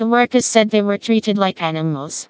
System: TTS, vocoder